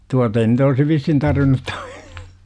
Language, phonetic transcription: Finnish, 'tuata ei nyt olsi 'vishin 'tarvin̆nut toi - .
- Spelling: tuota ei nyt olisi vissiin tarvinnut tuo

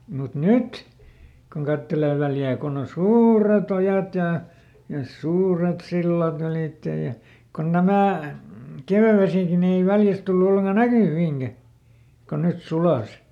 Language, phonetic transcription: Finnish, mut "nyt , kun ˈkattelee ˈVäljää konn ‿on "suureˈt ‿ojat ja , ja "suuret ˈsillaˈt ‿ylìttej̆ ja , kon ˈnämä̀ , "kèvävesìki ni ei ˈVäljäs tullu olleŋka "näkyviiŋGä , ˈkon net ˈsulàs .
- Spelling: mutta nyt kun katselee Väljää kun on suuret ojat ja ja suuret sillat ylitse ja kun nämä kevätvesikin niin ei Väljässä tullut ollenkaan näkyviinkään kun ne suli

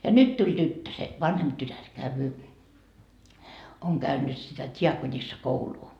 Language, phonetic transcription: Finnish, ja "nyt tuĺ 'tyttö se , 'vanhemp tytär , 'käyvyy , oŋ käynnyt sitä 't́iakonissakouluu .
- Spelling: ja nyt tuli tyttö se vanhempi tytär käy on käynyt sitä diakonissakoulua

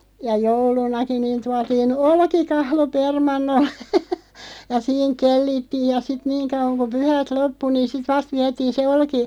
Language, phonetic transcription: Finnish, ja 'joulunaki niin 'tuatiin "olkikahlo 'permannollᴇ , ja 'siiŋ 'kellittiiʲ ja sit 'niiŋ kauᵛaŋ ku 'pyhät "loppu niin̬ 'sit "vast viätiin se 'olki- ,.
- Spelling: ja joulunakin niin tuotiin olkikahlo permannolle ja siinä kellittiin ja sitten niin kauan kun pyhät loppui niin sitten vasta vietiin se -

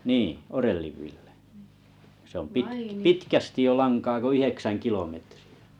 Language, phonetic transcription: Finnish, 'nii , 'Orelliv Vilʟᴇ sᵉ ‿om 'pitk- "pitkästiʲ jo 'laŋkaa ko 'yheksän 'kilometrɪ₍ᴀ̈ .
- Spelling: niin Orellin Ville se on - pitkästi jo lankaa kun yhdeksän kilometriä

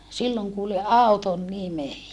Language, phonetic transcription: Finnish, silloŋ kuuli » ʼàuton nime .
- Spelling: silloin kuulin auton nimen

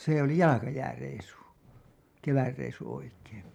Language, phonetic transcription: Finnish, se ‿oli "jalakajääreisu , "kevärreisu 'oikeen .
- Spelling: se oli jalkajääreissu kevätreissu oikein

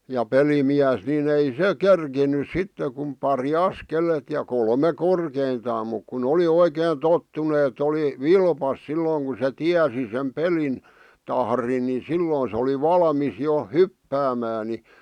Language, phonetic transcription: Finnish, ja 'pelimiäs ni'n ‿ei 'se "kerkinys sitte kum 'pari "askelet ja 'kolme "korkeintaam muk ku'n ‿oli oikeen "tottunᵉ et ‿oli , "vilpas silloŋ ku se "tiäsi sem "pelin , 'tahrin ni 'silloon se oli 'valmis jo , "hyppäämää ni ,.
- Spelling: ja pelimies niin ei se kerinnyt sitten kuin pari askeletta ja kolme korkeintaan mutta kun oli oikein tottunut että oli vilpas silloin kun se tiesi sen pelin tahdin niin silloin se oli valmis jo hyppäämään niin

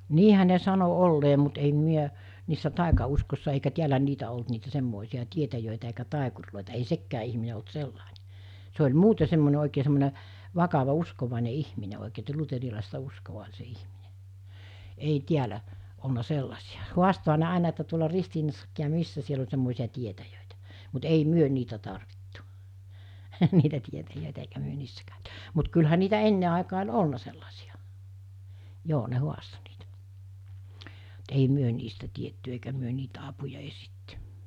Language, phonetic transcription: Finnish, niihä ne 'sano 'ollee mut ei̳m̳ miä , niissä 'tàika₍uskossa eikä 'tiälä 'niitä olt niitä 'semmòisi₍a 'tietäjö̀itä eikä 'tàikurlòita ei 'sekkää ihmine olt 'sellàinᴇ , se oĺ 'muute semmone òikee semmone , 'vakava 'uskovàine 'ihmine òikee että 'luterilàista 'uskova oĺ se 'ihmine , ei 'tiälä , olna 'sellasi₍a , 'huastoha ne 'àena että tuola 'Ristiinassakkii ja 'missä siel ‿oĺ semmòesi₍a 'tietäjö̀itä , mut 'ei 'myö 'niitä tarvittu , 'niitä tietäjö̀etä eikä myö 'niissä kä̀öty , mut kylhä niitä 'enne àekaa oĺ "olna sellasiʲa , 'joo ne 'huasto niitä , (mu)t ei 'myö niistä tietty eikä myö nii(l)tä 'apuja "esitty .
- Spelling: niinhän ne sanoi olleen mutta en minä niissä taikauskoissa eikä täällä niitä ollut niitä semmoisia tietäjiä eikä taikureita ei sekään ihminen ollut sellainen se oli muuten semmoinen oikein semmoinen vakava uskovainen ihminen oikein että luterilaista uskoa oli se ihminen ei täällä ollut sellaisia haastoihan ne aina että tuolla Ristiinassakin ja missä siellä oli semmoisia tietäjiä mutta ei me niitä tarvittu niitä tietäjiä eikä me niissä käyty mutta kyllähän niitä ennen aikaan oli ollut sellaisia joo ne haastoi niitä mutta ei me niistä tiedetty eikä me niiltä apua etsitty

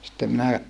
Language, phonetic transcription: Finnish, sⁱttem minä ,.
- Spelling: sitten minä

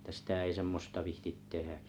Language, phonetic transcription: Finnish, ətä 'sitä ei 'semmosta 'vihtit 'tehä .
- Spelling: että sitä ei semmoista viitsi tehdä

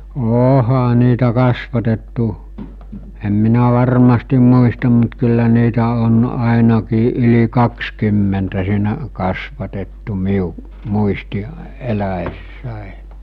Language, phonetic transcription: Finnish, 'ôha niitä 'kasvatettu , em minä 'varmastim muistam mut kyllä niitä on àenakii ˀyli 'kakskymmentä siinä’ , kasvatettu 'miu’ , 'muisti’ , 'elä̳₍ e̳ssä̀e .
- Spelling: onhan niitä kasvatettu en minä varmasti muista mutta kyllä niitä on ainakin yli kaksikymmentä siinä kasvatettu minun muisti - eläessäni

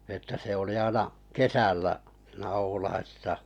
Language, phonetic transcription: Finnish, että se oli 'aina , "kesällä siinᴀ̈ 'Oulaisisa ,.
- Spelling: että se oli aina kesällä siinä Oulaisissa

